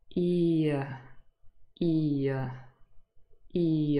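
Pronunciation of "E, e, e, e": Each time the sound is said, it glides in one smooth movement from an i sound to the schwa, 'uh', forming a single diphthong.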